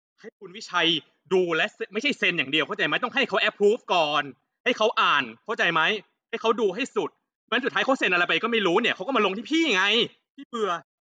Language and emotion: Thai, angry